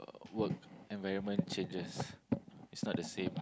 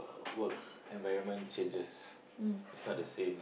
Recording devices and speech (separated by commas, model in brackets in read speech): close-talking microphone, boundary microphone, conversation in the same room